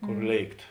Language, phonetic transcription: Lithuanian, ˈkor ˈlėikt

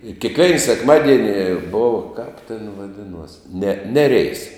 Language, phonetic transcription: Lithuanian, i kėkˈvein sekˈmadieni ˈbov kap ten vaˈdinuos ne ˈnereis

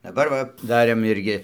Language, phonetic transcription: Lithuanian, daˈbar va ˈdarėm ˈirgi

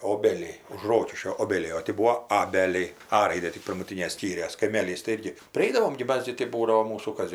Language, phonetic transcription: Lithuanian, ˈobeliai už ˈrokiškio ˈobeliai o ˈti ˈbūo ˈabeliai ˈa ˈraidė tik pirmuˈtynė ˈskyrės kaiˈmėlys tai ˈirgi priˈaidavom gi ˈmas gi tai ˈbūdavo ˈmūsų ˈkas

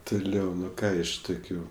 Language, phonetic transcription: Lithuanian, tuˈliau ˈnu ˈką iš ˈtukiu

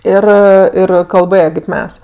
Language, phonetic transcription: Lithuanian, ˈir ˈir kalˈbɘje kaip ˈmes

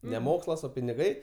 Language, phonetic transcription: Lithuanian, ne ˈmokslas ˈo piniˈgai

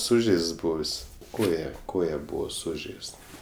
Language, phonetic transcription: Lithuanian, ˈsužeists ˈbuvis ˈkoja ˈkoja ˈbūvo ˈsužeist

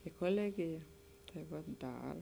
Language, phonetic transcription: Lithuanian, i koˈlegija tai ˈva ˈdar

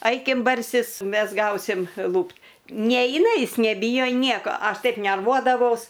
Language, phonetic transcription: Lithuanian, ˈaikim barˈsis ˈmes ˈgausim ˈlūpt ˈneina ˈjis neˈbyjo ˈnieko ˈaš ˈtaip nerˈvuodavaus

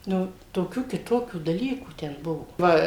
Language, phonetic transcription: Lithuanian, ˈnu toˈkių kiˈtokių daˈlykų ˈten ˈbuvo ˈva

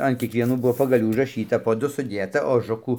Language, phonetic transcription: Lithuanian, an kiekvieˈnų ˈbuvo pagaˈlių užraˈšyta po ˈdu suˈdėta oˈžukų

